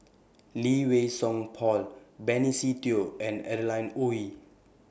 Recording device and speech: boundary microphone (BM630), read sentence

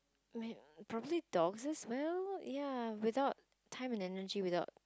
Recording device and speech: close-talking microphone, conversation in the same room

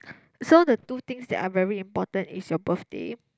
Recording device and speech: close-talking microphone, conversation in the same room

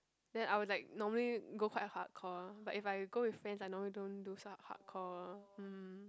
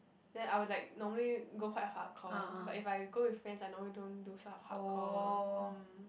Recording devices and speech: close-talking microphone, boundary microphone, conversation in the same room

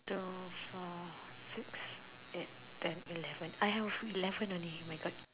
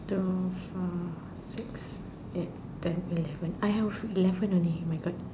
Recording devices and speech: telephone, standing microphone, conversation in separate rooms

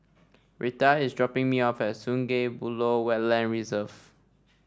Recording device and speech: standing microphone (AKG C214), read sentence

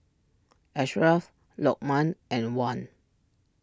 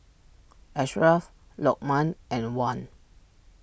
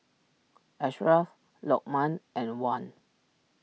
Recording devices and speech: standing microphone (AKG C214), boundary microphone (BM630), mobile phone (iPhone 6), read sentence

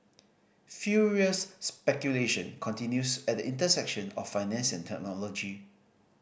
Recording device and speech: boundary microphone (BM630), read sentence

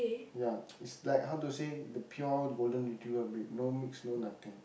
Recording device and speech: boundary microphone, conversation in the same room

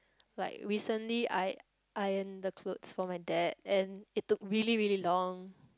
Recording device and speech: close-talking microphone, conversation in the same room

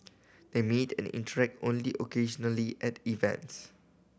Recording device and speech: boundary microphone (BM630), read sentence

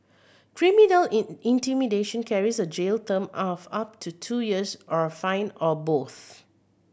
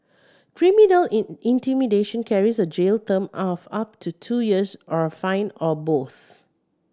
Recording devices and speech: boundary microphone (BM630), standing microphone (AKG C214), read sentence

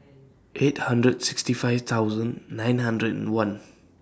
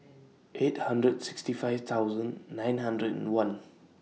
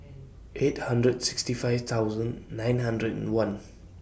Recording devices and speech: standing microphone (AKG C214), mobile phone (iPhone 6), boundary microphone (BM630), read sentence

